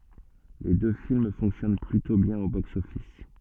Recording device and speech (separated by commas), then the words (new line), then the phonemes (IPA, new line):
soft in-ear microphone, read sentence
Les deux films fonctionnent plutôt bien au box-office.
le dø film fɔ̃ksjɔn plytɔ̃ bjɛ̃n o boksɔfis